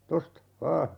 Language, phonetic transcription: Finnish, 'tosta , 'vaa .
- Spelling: tuosta vain

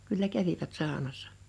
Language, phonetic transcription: Finnish, kyllä 'kävivät 'sàonassᴀ .
- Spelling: kyllä kävivät saunassa

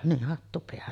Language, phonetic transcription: Finnish, nih 'hattu peähän .
- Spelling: niin hattu päähän

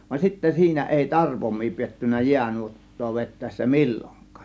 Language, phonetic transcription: Finnish, van sittä 'siinä èi "tarpom̆mii 'piettyn̆nä "jiänuot̀too 'vet̆tä̀ėssä "mil͕l͕oŋk̆kAA .
- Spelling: vaan sitten siinä ei tarpoimia pidetty jäänuottaa vetäessä milloinkaan

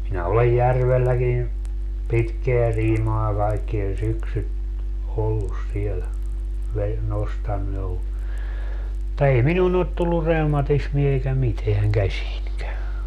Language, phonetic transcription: Finnish, 'minä olej "järvelläkin , "pitkeä 'siimaa kaikkie 'syksyt , 'ollus 'siel , ve- , 'nostannu jo , (mut)ta 'ei "minuun ‿ot tullur 'reumatismie eikä 'miteäŋ "käśiińkä .
- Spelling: minä olen järvelläkin pitkää siimaa kaikki syksyt ollut siellä - nostanut jo mutta ei minuun ole tullut reumatismia eikä mitään käsiinkään

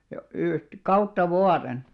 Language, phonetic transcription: Finnish, yht- , 'kautta 'vuaren .
- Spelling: - kautta vuoden

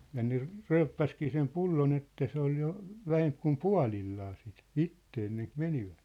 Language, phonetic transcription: Finnish, ja ne , "ry̬yppäskii sem 'pullo'n ‿että 'se ‿ol jo , 'vähemp kum "pua̭lillaa sit , "itte enneŋk "menivᴀ̈t .
- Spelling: ja ne ryyppäsikin sen pullon että se oli jo vähempi kuin puolillaan sitten itse ennen kun menivät

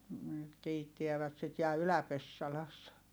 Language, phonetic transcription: Finnish, nyt kiittiävät sit - ja Ylä-Pessalassa .
- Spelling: nyt kiittävät sitten ja Ylä-Pessalassa

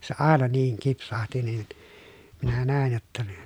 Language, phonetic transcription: Finnish, se àena niiŋ kipsahti nin , minä nä̀en jotta ne ,.
- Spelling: se aina niin kipsahti niin minä näin jotta ne

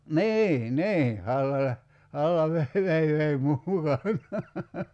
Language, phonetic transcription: Finnish, "nii , 'nii , 'halla läh- , 'halla veh- , vei vei mu- mukanaa .
- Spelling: niin niin halla - halla - vei vei - mukanaan

